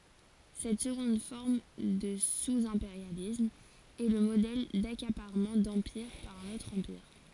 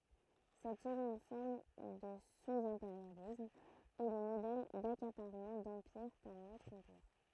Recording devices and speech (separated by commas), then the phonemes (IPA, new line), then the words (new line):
forehead accelerometer, throat microphone, read sentence
sɛt səɡɔ̃d fɔʁm də suzɛ̃peʁjalism ɛ lə modɛl dakapaʁmɑ̃ dɑ̃piʁ paʁ œ̃n otʁ ɑ̃piʁ
Cette seconde forme de sous-impérialisme est le modèle d'accaparement d'empire par un autre empire.